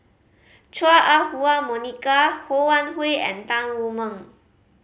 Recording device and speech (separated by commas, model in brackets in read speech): mobile phone (Samsung C5010), read sentence